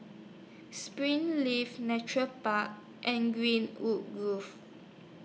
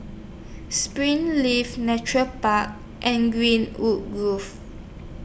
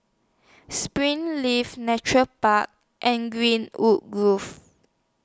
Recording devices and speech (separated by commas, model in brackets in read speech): mobile phone (iPhone 6), boundary microphone (BM630), standing microphone (AKG C214), read sentence